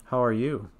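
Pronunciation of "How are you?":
The question has falling intonation: the voice falls on 'you'.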